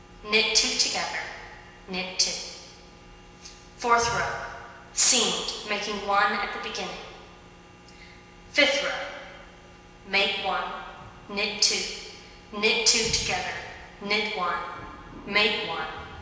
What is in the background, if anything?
Nothing.